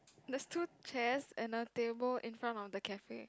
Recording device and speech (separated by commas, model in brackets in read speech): close-talking microphone, conversation in the same room